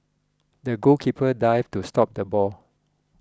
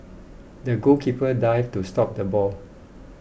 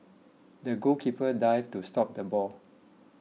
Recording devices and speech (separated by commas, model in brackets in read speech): close-talking microphone (WH20), boundary microphone (BM630), mobile phone (iPhone 6), read sentence